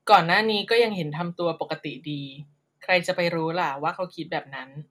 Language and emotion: Thai, neutral